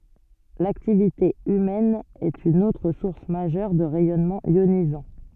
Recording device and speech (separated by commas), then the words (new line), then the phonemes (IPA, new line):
soft in-ear microphone, read sentence
L'activité humaine est une autre source majeure de rayonnements ionisants.
laktivite ymɛn ɛt yn otʁ suʁs maʒœʁ də ʁɛjɔnmɑ̃z jonizɑ̃